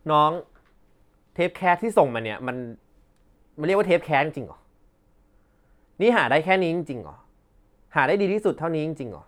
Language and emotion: Thai, frustrated